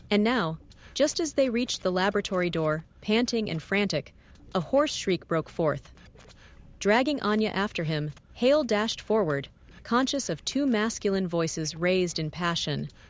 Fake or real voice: fake